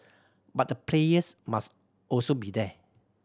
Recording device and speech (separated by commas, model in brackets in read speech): standing microphone (AKG C214), read sentence